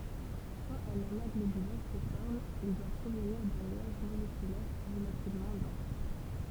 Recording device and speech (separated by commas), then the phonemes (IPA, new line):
temple vibration pickup, read sentence
kɑ̃t œ̃n ama ɡlobylɛʁ sə fɔʁm il dwa pʁovniʁ dœ̃ nyaʒ molekylɛʁ ʁəlativmɑ̃ dɑ̃s